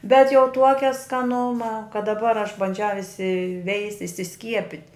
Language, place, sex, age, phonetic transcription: Lithuanian, Žemaitija, female, 60+, bet jau ˈtuokia skaˈnuma kad daˈbar aš banˈdžiau isiˈveist' isiˈskiepit'

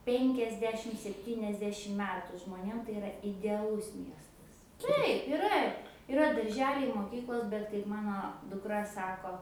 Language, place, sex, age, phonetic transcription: Lithuanian, Aukštaitija, female, 18-60, ˈpenkiasdešim sepˈtyniasdešim ˈmetu žmoˈnėm tai iˈra ideaˈlus ˈmiestas ˈtaip iˈra iˈra darˈželiai moˈkyklos bet kaip ˈmano dukˈra ˈsako

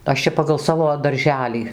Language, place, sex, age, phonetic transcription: Lithuanian, Dzūkija, female, 60+, ˈaš čia pagal ˈsavo darˈželį

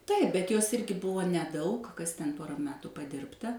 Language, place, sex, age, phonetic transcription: Lithuanian, Suvalkija, female, 60+, ˈtaip bet jos ˈirgi ˈbuvo neˈdaug ˈkas ten ˈpora ˈmetu paˈdirbta

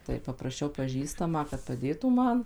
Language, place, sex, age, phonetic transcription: Lithuanian, Suvalkija, female, 18-60, tai papraˈšiau paˈžįstamą kad paˈdėtų ˈman

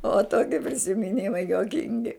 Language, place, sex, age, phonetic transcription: Lithuanian, Žemaitija, female, 60+, o ˈtoki prisimiˈnimai juoˈkingi

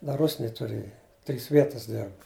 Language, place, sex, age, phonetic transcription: Lithuanian, Žemaitija, male, 60+, ˈda ˈrusnėj tuˈrėja trys ˈvietas ˈderb

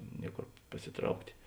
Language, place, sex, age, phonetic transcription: Lithuanian, Žemaitija, male, 60+, ˈniekor pasiˈtrauktė

